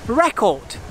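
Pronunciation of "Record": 'Record' is said as the noun, with the stress on the first syllable.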